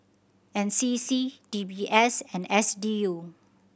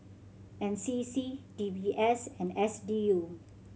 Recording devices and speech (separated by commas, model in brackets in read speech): boundary microphone (BM630), mobile phone (Samsung C7100), read sentence